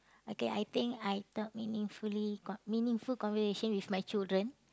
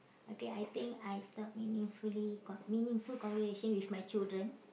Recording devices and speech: close-talking microphone, boundary microphone, conversation in the same room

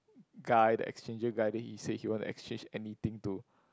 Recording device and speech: close-talking microphone, conversation in the same room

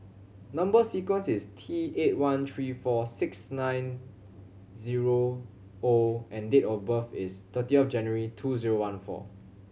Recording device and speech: mobile phone (Samsung C7100), read sentence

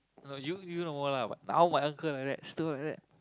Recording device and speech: close-talking microphone, conversation in the same room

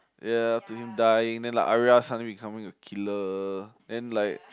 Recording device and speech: close-talking microphone, conversation in the same room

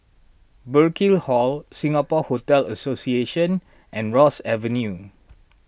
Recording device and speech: boundary microphone (BM630), read sentence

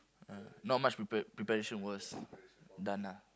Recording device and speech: close-talking microphone, conversation in the same room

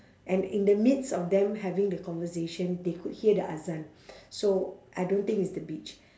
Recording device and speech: standing microphone, conversation in separate rooms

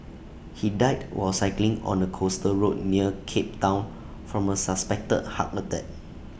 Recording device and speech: boundary microphone (BM630), read sentence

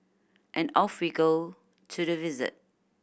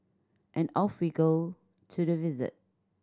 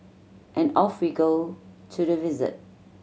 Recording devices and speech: boundary microphone (BM630), standing microphone (AKG C214), mobile phone (Samsung C7100), read sentence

